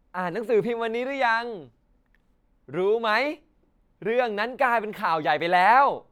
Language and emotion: Thai, happy